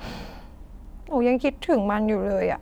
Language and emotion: Thai, frustrated